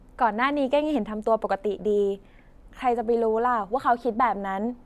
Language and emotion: Thai, neutral